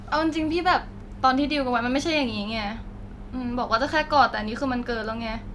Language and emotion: Thai, frustrated